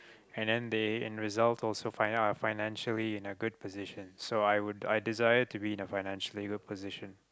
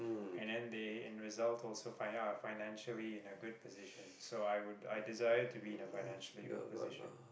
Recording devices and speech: close-talking microphone, boundary microphone, conversation in the same room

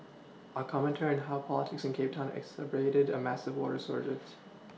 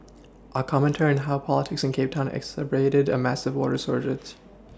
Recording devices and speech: mobile phone (iPhone 6), standing microphone (AKG C214), read sentence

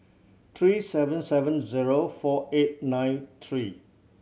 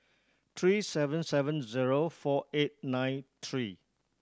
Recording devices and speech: mobile phone (Samsung C7100), standing microphone (AKG C214), read sentence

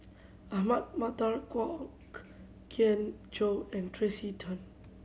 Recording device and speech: mobile phone (Samsung C7100), read sentence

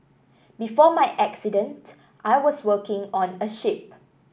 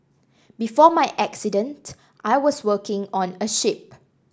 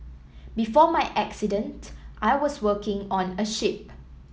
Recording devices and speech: boundary microphone (BM630), standing microphone (AKG C214), mobile phone (iPhone 7), read sentence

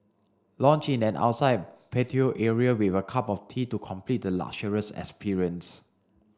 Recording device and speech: standing microphone (AKG C214), read sentence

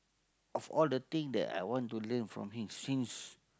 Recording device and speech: close-talking microphone, conversation in the same room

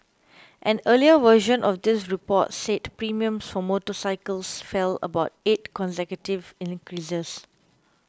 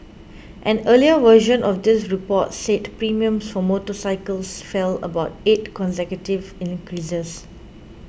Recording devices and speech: close-talking microphone (WH20), boundary microphone (BM630), read sentence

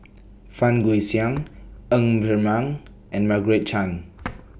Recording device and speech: boundary microphone (BM630), read sentence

